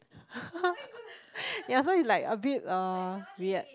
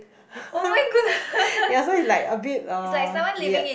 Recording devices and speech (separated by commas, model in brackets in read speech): close-talking microphone, boundary microphone, conversation in the same room